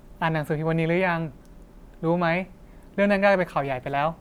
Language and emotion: Thai, neutral